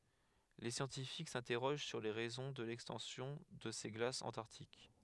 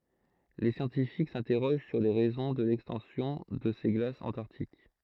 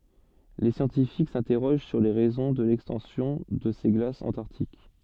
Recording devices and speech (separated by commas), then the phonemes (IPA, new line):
headset microphone, throat microphone, soft in-ear microphone, read sentence
le sjɑ̃tifik sɛ̃tɛʁoʒ syʁ le ʁɛzɔ̃ də lɛkstɑ̃sjɔ̃ də se ɡlasz ɑ̃taʁtik